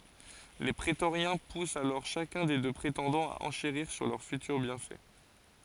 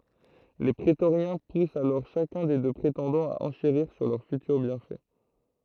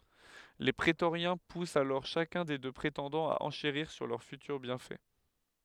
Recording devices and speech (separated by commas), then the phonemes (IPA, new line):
forehead accelerometer, throat microphone, headset microphone, read sentence
le pʁetoʁjɛ̃ pust alɔʁ ʃakœ̃ de dø pʁetɑ̃dɑ̃z a ɑ̃ʃeʁiʁ syʁ lœʁ fytyʁ bjɛ̃fɛ